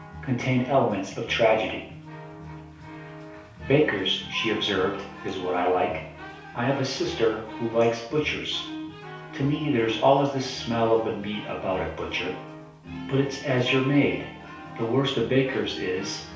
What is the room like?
A small space (about 3.7 m by 2.7 m).